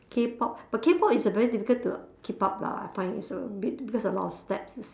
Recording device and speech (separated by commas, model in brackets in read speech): standing microphone, conversation in separate rooms